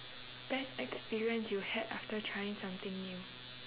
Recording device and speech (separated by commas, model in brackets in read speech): telephone, conversation in separate rooms